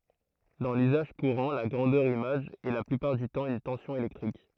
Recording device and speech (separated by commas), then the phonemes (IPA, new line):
throat microphone, read sentence
dɑ̃ lyzaʒ kuʁɑ̃ la ɡʁɑ̃dœʁ imaʒ ɛ la plypaʁ dy tɑ̃ yn tɑ̃sjɔ̃ elɛktʁik